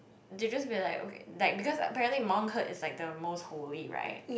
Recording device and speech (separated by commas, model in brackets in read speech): boundary microphone, conversation in the same room